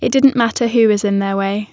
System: none